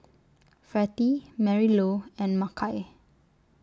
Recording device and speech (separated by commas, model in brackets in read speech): standing microphone (AKG C214), read sentence